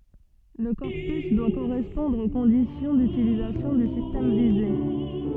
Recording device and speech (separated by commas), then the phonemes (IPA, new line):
soft in-ear microphone, read sentence
lə kɔʁpys dwa koʁɛspɔ̃dʁ o kɔ̃disjɔ̃ dytilizasjɔ̃ dy sistɛm vize